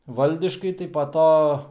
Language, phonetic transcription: Lithuanian, ˈvaldiškai tai pa ˈto

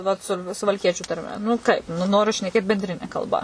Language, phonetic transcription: Lithuanian, vat ˈsu suvalˈkiečiu tarˈme nu ˈkaip nu ˈnoriu šneˈkėt benˈdrine kalˈba

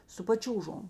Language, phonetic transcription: Lithuanian, su paˈčiūžom

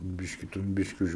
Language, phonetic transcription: Lithuanian, ˈbiški ten ˈbiški už

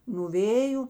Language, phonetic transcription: Lithuanian, nuo ˈvėju

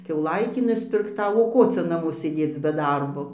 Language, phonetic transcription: Lithuanian, kiauˈlaitį nuspirkˈtau o ˈko cia naˈmo sėˈdėc be ˈdarbo

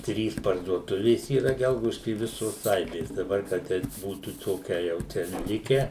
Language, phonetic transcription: Lithuanian, ˈtrys parduoˈtuvės yˈra ˈgelgaudišky i ˈvisos ˈaibės daˈbar ka ˈteip ˈbūtų ˈtokia jau ˈčia ˈlike

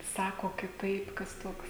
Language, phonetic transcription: Lithuanian, ˈsako kiˈtaip kas ˈtoks

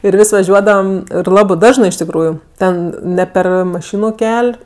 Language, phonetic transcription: Lithuanian, ir ˈvis' vaˈžiuodavam ir ˈlabɜ ˈdažnɜ iš tikˈrųju ˈten ˈne ˈper maˈšinu ˈkel'

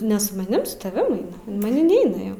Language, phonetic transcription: Lithuanian, ˈne su maˈnim su taˈvim ˈaina o maˈnim ˈneina jau

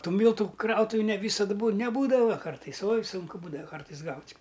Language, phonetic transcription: Lithuanian, ˈtų ˈmyltu ˈkrautuvi ne ˈvysad bū neˈbūdava ˈkartais oj ˈsunku ˈbūdava ˈkartais ˈgaut'

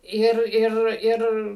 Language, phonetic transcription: Lithuanian, ˈir ˈir ˈir

